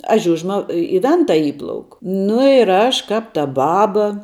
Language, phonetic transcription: Lithuanian, a ˈžiužma i i ˈventa ˈįplauk nu ir ˈaš ˈkap ta ˈbaba

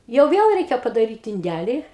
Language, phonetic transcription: Lithuanian, jau ˈviel ˈreikia padaˈryt inˈdæli

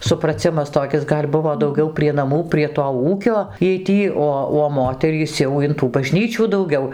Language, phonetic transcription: Lithuanian, supraˈcimas toˈkis ˈgal' ˈbuvo dauˈgiau prie naˈmų prie to ˈūkio ˈjiej ˈtį ˈo o ˈmoterys jau in tų baˈžnyčių dauˈgiau

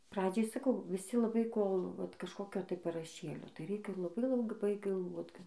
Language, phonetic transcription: Lithuanian, ˈpradžiai saˈkau viˈsi laˈbai ˈkol vat kažˈkokio tai paraˈšėlio tai ˈreikia laˈbai laˈbai galˈvot

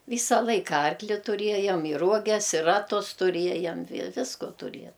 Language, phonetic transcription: Lithuanian, ˈvysa ˈlaika ˈarkli tuˈriejam i ˈruoges i ˈratus tuˈriejam vi ˈvisko tuˈrie

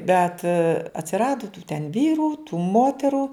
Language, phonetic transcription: Lithuanian, bet atsiˈradu tų ten ˈvyrų tų ˈmoteru

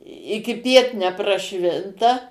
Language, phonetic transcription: Lithuanian, ikiˈpiet nepraˈšvinta

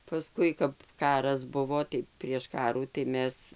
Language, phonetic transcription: Lithuanian, paˈskui kap ˈkaras ˈbuvo tai prieš ˈkarų tai ˈmes

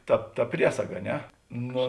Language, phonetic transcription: Lithuanian, ˈta ˈta ˈpriesaga a ˈne ˈno

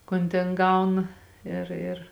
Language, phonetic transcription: Lithuanian, ˈkon tėn ˈgauna ˈir ir

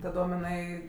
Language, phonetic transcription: Lithuanian, taˈdom iˈnai

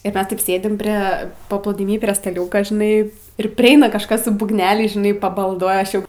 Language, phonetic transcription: Lithuanian, ir ˈmes taip ˈsėdim prė paplūdiˈmy prie staˈliūka žiˈnai ir priˈeina kažˈkas su būgˈneliais žiˈnai pabalˈduoja ˈaš ˈjau

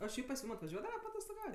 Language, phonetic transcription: Lithuanian, oˈ šiaip pas ˈjūm atvaˈžiuodava paatostoˈgaut'

